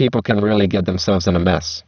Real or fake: fake